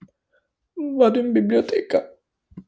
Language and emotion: Italian, sad